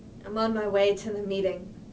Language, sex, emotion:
English
female
neutral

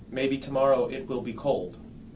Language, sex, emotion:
English
male
neutral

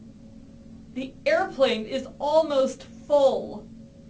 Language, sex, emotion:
English
female
angry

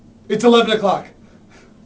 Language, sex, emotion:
English
male
fearful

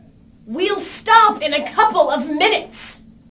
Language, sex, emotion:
English
female
angry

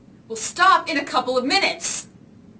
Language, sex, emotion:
English
female
angry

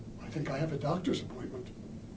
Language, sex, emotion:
English
male
neutral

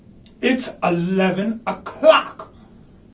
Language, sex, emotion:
English
male
angry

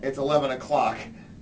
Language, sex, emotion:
English
male
disgusted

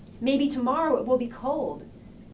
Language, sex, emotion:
English
female
neutral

